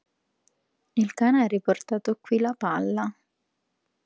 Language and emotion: Italian, neutral